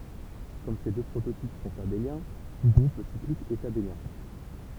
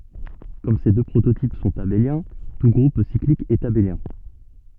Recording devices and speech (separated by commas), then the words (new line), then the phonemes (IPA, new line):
temple vibration pickup, soft in-ear microphone, read sentence
Comme ces deux prototypes sont abéliens, tout groupe cyclique est abélien.
kɔm se dø pʁototip sɔ̃t abeljɛ̃ tu ɡʁup siklik ɛt abeljɛ̃